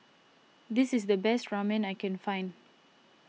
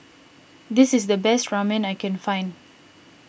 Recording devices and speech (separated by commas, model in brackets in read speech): mobile phone (iPhone 6), boundary microphone (BM630), read sentence